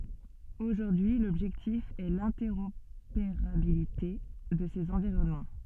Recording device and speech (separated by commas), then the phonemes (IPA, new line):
soft in-ear microphone, read sentence
oʒuʁdyi lɔbʒɛktif ɛ lɛ̃tɛʁopeʁabilite də sez ɑ̃viʁɔnmɑ̃